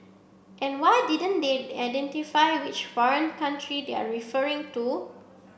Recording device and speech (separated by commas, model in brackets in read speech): boundary microphone (BM630), read sentence